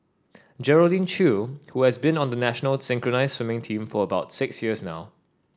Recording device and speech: standing microphone (AKG C214), read sentence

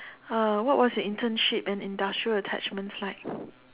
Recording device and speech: telephone, conversation in separate rooms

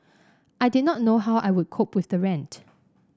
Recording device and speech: standing microphone (AKG C214), read sentence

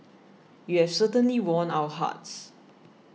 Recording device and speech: mobile phone (iPhone 6), read sentence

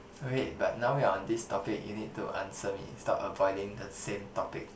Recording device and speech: boundary microphone, conversation in the same room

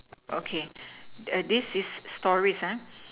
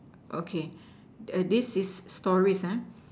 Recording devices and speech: telephone, standing microphone, conversation in separate rooms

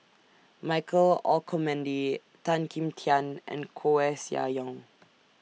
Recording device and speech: mobile phone (iPhone 6), read sentence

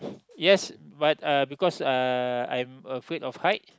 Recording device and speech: close-talking microphone, conversation in the same room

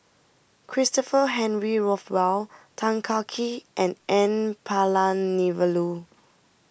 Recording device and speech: boundary microphone (BM630), read sentence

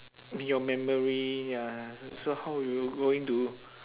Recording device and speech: telephone, conversation in separate rooms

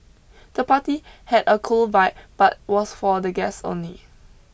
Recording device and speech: boundary microphone (BM630), read sentence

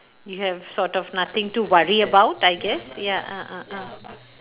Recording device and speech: telephone, conversation in separate rooms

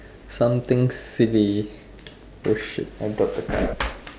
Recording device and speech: standing microphone, conversation in separate rooms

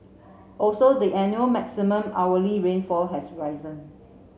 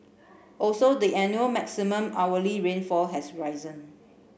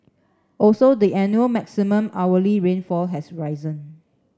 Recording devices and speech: mobile phone (Samsung C7), boundary microphone (BM630), standing microphone (AKG C214), read sentence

